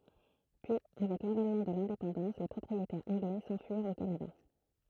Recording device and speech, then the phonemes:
throat microphone, read sentence
pyi avɛk lavɛnmɑ̃ də lɛ̃depɑ̃dɑ̃s le pʁɔpʁietɛʁz ɑ̃ɡlɛ sɑ̃fyiʁt o kanada

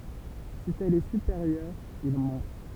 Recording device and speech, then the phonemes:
temple vibration pickup, read sentence
si ɛl ɛ sypeʁjœʁ il mɔ̃t

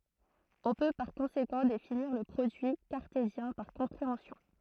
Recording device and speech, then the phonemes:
throat microphone, read sentence
ɔ̃ pø paʁ kɔ̃sekɑ̃ definiʁ lə pʁodyi kaʁtezjɛ̃ paʁ kɔ̃pʁeɑ̃sjɔ̃

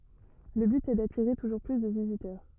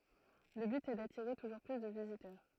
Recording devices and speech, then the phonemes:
rigid in-ear microphone, throat microphone, read sentence
lə byt ɛ datiʁe tuʒuʁ ply də vizitœʁ

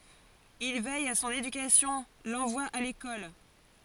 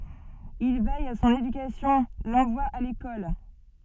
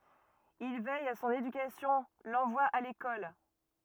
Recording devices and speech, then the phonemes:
forehead accelerometer, soft in-ear microphone, rigid in-ear microphone, read sentence
il vɛj a sɔ̃n edykasjɔ̃ lɑ̃vwa a lekɔl

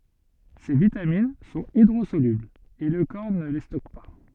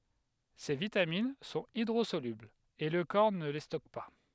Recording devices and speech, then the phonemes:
soft in-ear microphone, headset microphone, read sentence
se vitamin sɔ̃t idʁozolyblz e lə kɔʁ nə le stɔk pa

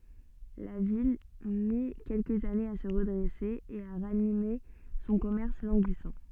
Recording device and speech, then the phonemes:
soft in-ear microphone, read sentence
la vil mi kɛlkəz anez a sə ʁədʁɛse e a ʁanime sɔ̃ kɔmɛʁs lɑ̃ɡisɑ̃

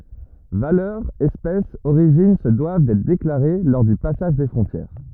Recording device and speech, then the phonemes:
rigid in-ear microphone, read sentence
valœʁ ɛspɛs oʁiʒin sə dwav dɛtʁ deklaʁe lɔʁ dy pasaʒ de fʁɔ̃tjɛʁ

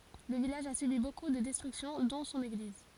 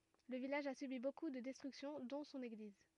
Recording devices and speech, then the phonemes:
forehead accelerometer, rigid in-ear microphone, read sentence
lə vilaʒ a sybi boku də dɛstʁyksjɔ̃ dɔ̃ sɔ̃n eɡliz

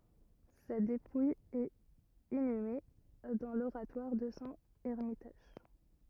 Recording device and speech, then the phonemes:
rigid in-ear microphone, read sentence
sa depuj ɛt inyme dɑ̃ loʁatwaʁ də sɔ̃ ɛʁmitaʒ

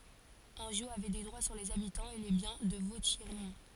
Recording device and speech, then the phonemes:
forehead accelerometer, read sentence
ɑ̃ʒo avɛ de dʁwa syʁ lez abitɑ̃z e le bjɛ̃ də votjɛʁmɔ̃

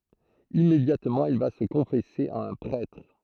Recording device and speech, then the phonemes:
throat microphone, read sentence
immedjatmɑ̃ il va sə kɔ̃fɛse a œ̃ pʁɛtʁ

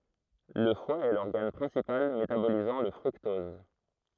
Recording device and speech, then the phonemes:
throat microphone, read sentence
lə fwa ɛ lɔʁɡan pʁɛ̃sipal metabolizɑ̃ lə fʁyktɔz

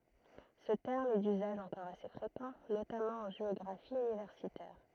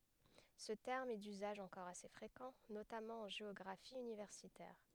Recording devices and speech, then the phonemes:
throat microphone, headset microphone, read sentence
sə tɛʁm ɛ dyzaʒ ɑ̃kɔʁ ase fʁekɑ̃ notamɑ̃ ɑ̃ ʒeɔɡʁafi ynivɛʁsitɛʁ

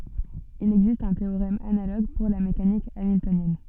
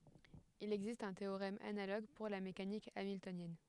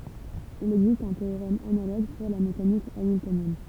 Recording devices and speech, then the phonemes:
soft in-ear microphone, headset microphone, temple vibration pickup, read sentence
il ɛɡzist œ̃ teoʁɛm analoɡ puʁ la mekanik amiltonjɛn

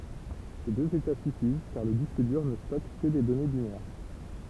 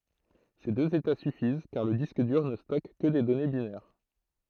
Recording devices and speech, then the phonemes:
temple vibration pickup, throat microphone, read sentence
se døz eta syfiz kaʁ lə disk dyʁ nə stɔk kə de dɔne binɛʁ

